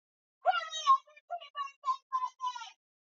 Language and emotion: English, sad